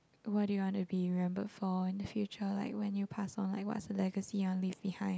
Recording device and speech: close-talking microphone, conversation in the same room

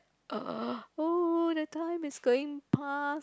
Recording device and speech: close-talking microphone, conversation in the same room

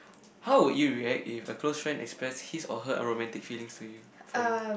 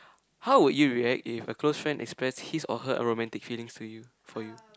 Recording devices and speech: boundary microphone, close-talking microphone, conversation in the same room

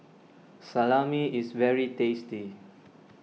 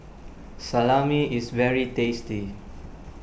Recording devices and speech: mobile phone (iPhone 6), boundary microphone (BM630), read sentence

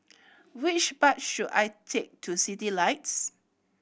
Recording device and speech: boundary microphone (BM630), read sentence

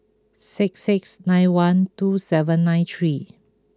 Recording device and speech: close-talking microphone (WH20), read sentence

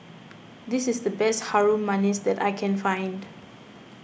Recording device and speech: boundary microphone (BM630), read sentence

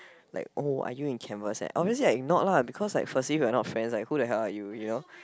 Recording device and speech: close-talking microphone, conversation in the same room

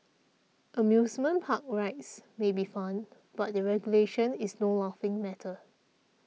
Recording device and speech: mobile phone (iPhone 6), read sentence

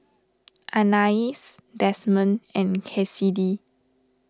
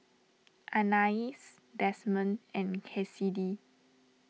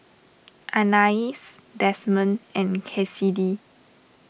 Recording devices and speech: standing microphone (AKG C214), mobile phone (iPhone 6), boundary microphone (BM630), read sentence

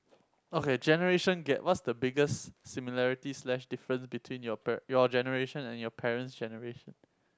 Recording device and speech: close-talking microphone, conversation in the same room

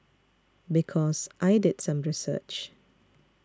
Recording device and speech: standing microphone (AKG C214), read sentence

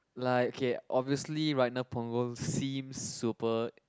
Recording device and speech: close-talking microphone, conversation in the same room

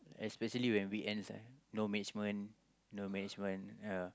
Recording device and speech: close-talking microphone, conversation in the same room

